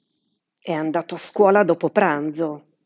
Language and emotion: Italian, angry